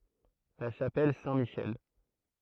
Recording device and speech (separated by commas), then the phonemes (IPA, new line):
throat microphone, read sentence
la ʃapɛl sɛ̃tmiʃɛl